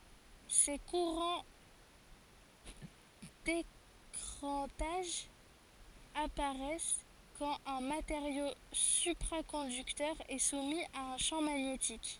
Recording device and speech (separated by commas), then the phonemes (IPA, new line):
forehead accelerometer, read sentence
se kuʁɑ̃ dekʁɑ̃taʒ apaʁɛs kɑ̃t œ̃ mateʁjo sypʁakɔ̃dyktœʁ ɛ sumi a œ̃ ʃɑ̃ maɲetik